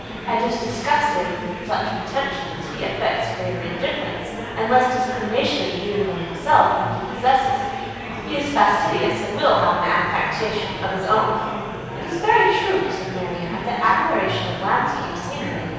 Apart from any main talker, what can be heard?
Crowd babble.